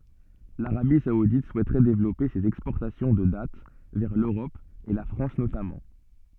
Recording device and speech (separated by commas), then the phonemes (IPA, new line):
soft in-ear microphone, read sentence
laʁabi saudit suɛtʁɛ devlɔpe sez ɛkspɔʁtasjɔ̃ də dat vɛʁ løʁɔp e la fʁɑ̃s notamɑ̃